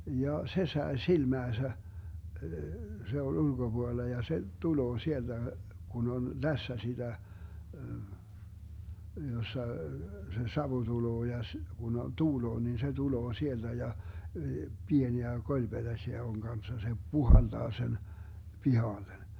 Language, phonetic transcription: Finnish, 'ja , 'se 'sae "silmääsä , 'se oĺ 'ulGoBuolla ja se , 'tuloo 'sielDä , 'Gun ‿on "lässä siDä , 'jossa , se "savu 'tuloo ja s- , Gun ‿o- , 'tuuloo nin se 'tuloo 'sielDä ja , 'pieniä "koĺBeDäśiä oŋ Ganssa se , "puhalDaa sen , "pihallen .
- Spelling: ja se sai silmäänsä se oli ulkopuolella ja se tulee sieltä kun on läsnä sitä jossa se savu tulee ja - kun - tuulee niin se tulee sieltä ja pieniä kolipetäsiä on kanssa se puhaltaa sen pihalle

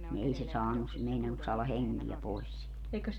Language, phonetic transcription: Finnish, ni 'ei se 'saanus , 'meinannus saala "heŋki₍ä 'pois siit .
- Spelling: niin ei se saanut meinannut saada henkeä pois siitä

